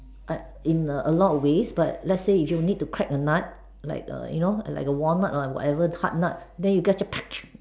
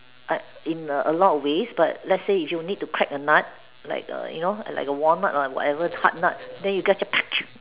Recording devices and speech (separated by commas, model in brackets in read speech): standing microphone, telephone, conversation in separate rooms